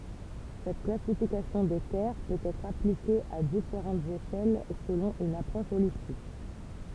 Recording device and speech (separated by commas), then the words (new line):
temple vibration pickup, read sentence
Cette classification des terres peut être appliquée à différentes échelles selon une approche holistique.